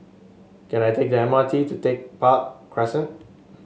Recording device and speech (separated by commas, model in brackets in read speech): mobile phone (Samsung S8), read sentence